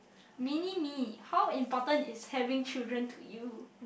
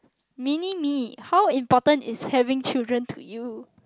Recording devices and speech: boundary microphone, close-talking microphone, conversation in the same room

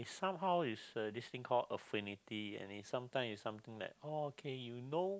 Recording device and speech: close-talking microphone, conversation in the same room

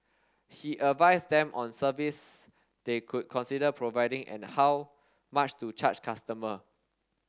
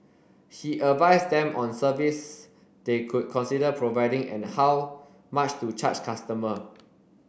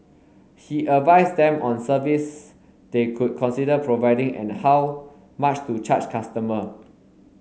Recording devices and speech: standing microphone (AKG C214), boundary microphone (BM630), mobile phone (Samsung S8), read sentence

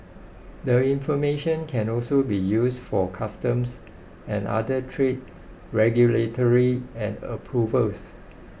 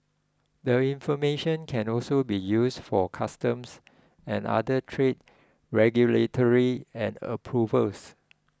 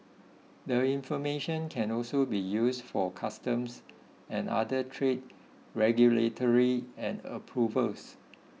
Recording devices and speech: boundary microphone (BM630), close-talking microphone (WH20), mobile phone (iPhone 6), read sentence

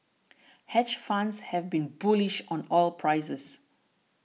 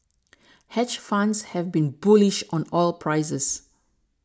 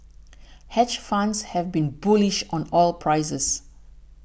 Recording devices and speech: mobile phone (iPhone 6), standing microphone (AKG C214), boundary microphone (BM630), read sentence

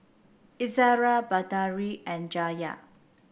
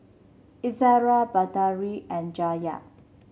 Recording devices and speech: boundary microphone (BM630), mobile phone (Samsung C7), read sentence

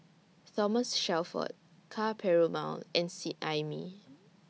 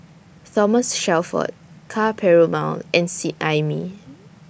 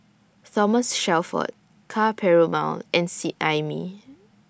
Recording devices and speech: mobile phone (iPhone 6), boundary microphone (BM630), standing microphone (AKG C214), read sentence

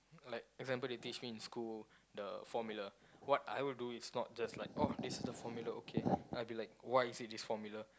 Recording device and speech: close-talking microphone, conversation in the same room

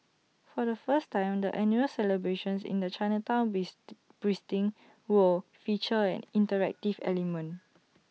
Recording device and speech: mobile phone (iPhone 6), read sentence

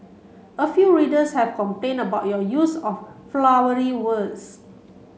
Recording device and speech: mobile phone (Samsung C7), read sentence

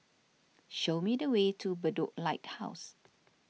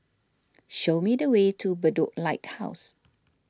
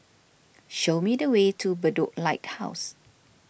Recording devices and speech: mobile phone (iPhone 6), standing microphone (AKG C214), boundary microphone (BM630), read sentence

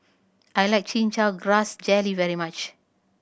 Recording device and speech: boundary microphone (BM630), read sentence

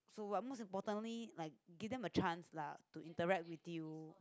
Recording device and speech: close-talking microphone, conversation in the same room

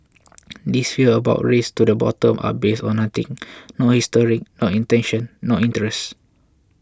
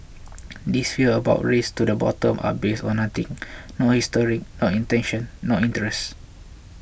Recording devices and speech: close-talking microphone (WH20), boundary microphone (BM630), read sentence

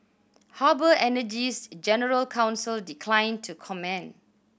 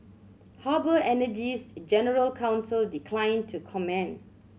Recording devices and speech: boundary microphone (BM630), mobile phone (Samsung C7100), read sentence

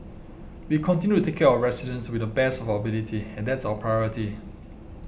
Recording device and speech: boundary microphone (BM630), read sentence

